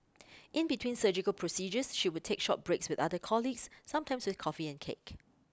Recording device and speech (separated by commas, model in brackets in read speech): close-talking microphone (WH20), read sentence